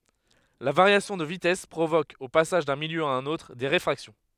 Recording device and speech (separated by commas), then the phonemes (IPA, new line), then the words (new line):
headset microphone, read sentence
la vaʁjasjɔ̃ də vitɛs pʁovok o pasaʒ dœ̃ miljø a œ̃n otʁ de ʁefʁaksjɔ̃
La variation de vitesse provoque, au passage d'un milieu à un autre, des réfractions.